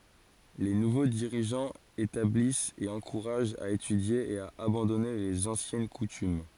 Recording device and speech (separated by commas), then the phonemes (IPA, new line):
forehead accelerometer, read sentence
le nuvo diʁiʒɑ̃z etablist e ɑ̃kuʁaʒt a etydje e a abɑ̃dɔne lez ɑ̃sjɛn kutym